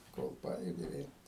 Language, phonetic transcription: Lithuanian, kol ˈpajudi vėl'

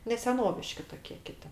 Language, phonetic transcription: Lithuanian, ne seˈnoviški toˈkė ˈkiti

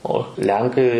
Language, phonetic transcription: Lithuanian, o ˈlenkai

